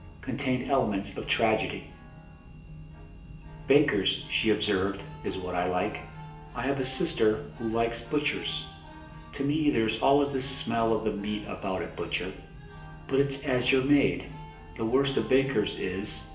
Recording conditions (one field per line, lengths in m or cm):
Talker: one person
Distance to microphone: 1.8 m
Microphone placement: close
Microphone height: 1.0 m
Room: large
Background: music